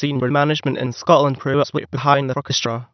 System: TTS, waveform concatenation